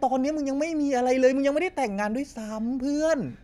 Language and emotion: Thai, angry